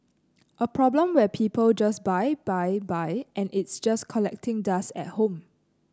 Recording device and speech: close-talking microphone (WH30), read sentence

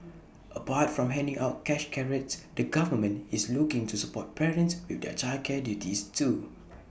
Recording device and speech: boundary microphone (BM630), read sentence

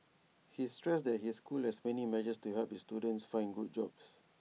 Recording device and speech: mobile phone (iPhone 6), read sentence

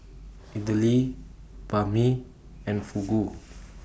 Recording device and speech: boundary microphone (BM630), read sentence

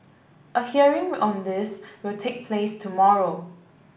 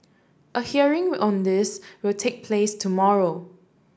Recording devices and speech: boundary microphone (BM630), standing microphone (AKG C214), read sentence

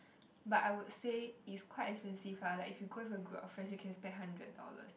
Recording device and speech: boundary microphone, conversation in the same room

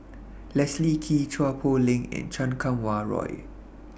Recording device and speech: boundary microphone (BM630), read sentence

